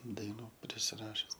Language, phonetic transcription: Lithuanian, daiˈnų prisiˈrašius

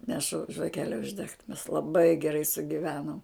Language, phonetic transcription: Lithuanian, neˈšu žvaˈkele užˈdegt mes laˈbai geˈrai sugiˈvenom

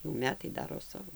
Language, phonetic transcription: Lithuanian, jau ˈmetai ˈdaro ˈsavo

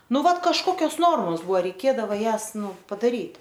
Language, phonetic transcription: Lithuanian, ˈnu ˈvat kažˈkokios ˈnormos ˈbuo reiˈkėdavo ˈjąs ˈnu padaˈryt'

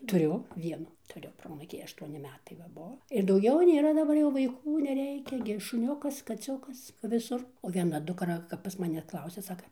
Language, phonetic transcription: Lithuanian, tuˈriu ˈvienu tuˈriu ˈproanūkį ašˈtuoni ˈmetai va ˈbuo ir dauˈgiau ˈnėra daˈbar vaiˈkų neˈreikia gi šuˈniukas kaˈciukas viˈsur o vieˈna dukˈra kap pas maˈne ˈklausia ˈsaka

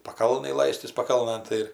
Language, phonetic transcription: Lithuanian, paˈkalnaj ˈlaistis paˈkalnɘn ˈtai ir

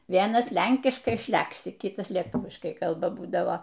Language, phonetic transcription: Lithuanian, ˈvienas ˈlenkiškai ˈšlæksi ˈkitas leˈtūviškai ˈkalba ˈbūdavo

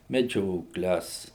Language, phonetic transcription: Lithuanian, meˈdžiokles

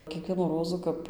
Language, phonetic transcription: Lithuanian, kieˈkvienų ˈrozų ˈkap

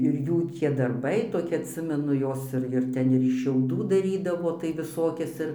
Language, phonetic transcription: Lithuanian, ir ˈjų tie darˈbai toˈki atˈsimenu ˈjos ir ir ˈten ir iš šiauˈdų daˈrydavo tai viˈsokias ˈir

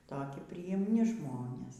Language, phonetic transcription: Lithuanian, ˈtoki prijimˈni ˈžmonės

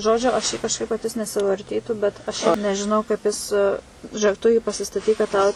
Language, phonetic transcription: Lithuanian, ˈžodžiu aš jį kažˈkaip va kad ˈjis nesivarˈtytų bet aš ˈšiaip nežiˈnau kaip ˈjis žiuˈėk ˈtu jį pasistaˈtyk kad ˈtau

